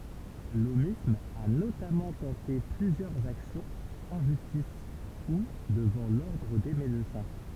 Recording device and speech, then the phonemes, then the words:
temple vibration pickup, read sentence
lomism a notamɑ̃ tɑ̃te plyzjœʁz aksjɔ̃z ɑ̃ ʒystis u dəvɑ̃ lɔʁdʁ de medəsɛ̃
L'aumisme a notamment tenté plusieurs actions en justice ou devant l'Ordre des médecins.

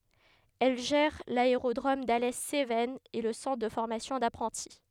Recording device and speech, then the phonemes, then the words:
headset microphone, read sentence
ɛl ʒɛʁ laeʁodʁom dalɛ sevɛnz e lə sɑ̃tʁ də fɔʁmasjɔ̃ dapʁɑ̃ti
Elle gère l'aérodrome d'Alès Cévennes et le centre de formation d'apprentis.

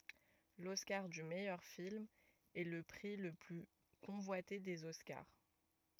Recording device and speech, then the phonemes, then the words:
rigid in-ear microphone, read sentence
lɔskaʁ dy mɛjœʁ film ɛ lə pʁi lə ply kɔ̃vwate dez ɔskaʁ
L'Oscar du meilleur film est le prix le plus convoité des Oscars.

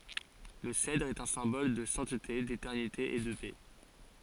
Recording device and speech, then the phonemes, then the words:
forehead accelerometer, read sentence
lə sɛdʁ ɛt œ̃ sɛ̃bɔl də sɛ̃tte detɛʁnite e də pɛ
Le cèdre est un symbole de sainteté, d'éternité et de paix.

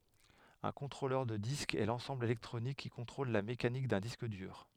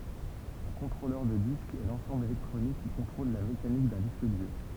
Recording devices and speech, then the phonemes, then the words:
headset microphone, temple vibration pickup, read sentence
œ̃ kɔ̃tʁolœʁ də disk ɛ lɑ̃sɑ̃bl elɛktʁonik ki kɔ̃tʁol la mekanik dœ̃ disk dyʁ
Un contrôleur de disque est l’ensemble électronique qui contrôle la mécanique d’un disque dur.

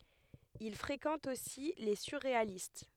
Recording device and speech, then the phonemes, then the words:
headset microphone, read sentence
il fʁekɑ̃t osi le syʁʁealist
Il fréquente aussi les surréalistes.

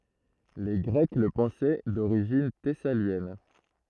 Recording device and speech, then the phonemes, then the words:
throat microphone, read sentence
le ɡʁɛk lə pɑ̃sɛ doʁiʒin tɛsaljɛn
Les Grecs le pensaient d’origine thessalienne.

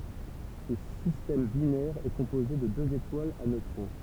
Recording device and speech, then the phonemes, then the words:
temple vibration pickup, read sentence
sə sistɛm binɛʁ ɛ kɔ̃poze də døz etwalz a nøtʁɔ̃
Ce système binaire est composé de deux étoiles à neutrons.

